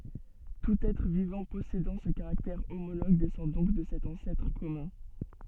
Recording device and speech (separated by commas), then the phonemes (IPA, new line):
soft in-ear microphone, read sentence
tut ɛtʁ vivɑ̃ pɔsedɑ̃ sə kaʁaktɛʁ omoloɡ dɛsɑ̃ dɔ̃k də sɛt ɑ̃sɛtʁ kɔmœ̃